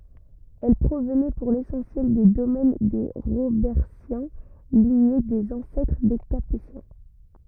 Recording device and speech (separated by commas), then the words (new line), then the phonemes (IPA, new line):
rigid in-ear microphone, read sentence
Elles provenaient pour l'essentiel des domaines des Robertiens, lignée des ancêtres des Capétiens.
ɛl pʁovnɛ puʁ lesɑ̃sjɛl de domɛn de ʁobɛʁtjɛ̃ liɲe dez ɑ̃sɛtʁ de kapetjɛ̃